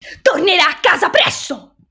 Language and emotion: Italian, angry